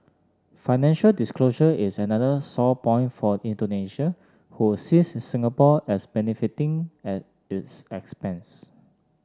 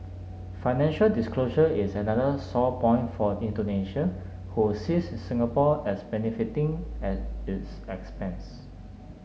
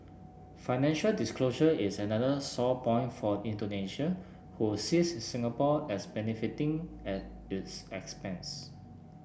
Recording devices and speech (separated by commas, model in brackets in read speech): standing microphone (AKG C214), mobile phone (Samsung S8), boundary microphone (BM630), read sentence